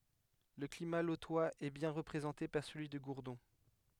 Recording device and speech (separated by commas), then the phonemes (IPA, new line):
headset microphone, read sentence
lə klima lotwaz ɛ bjɛ̃ ʁəpʁezɑ̃te paʁ səlyi də ɡuʁdɔ̃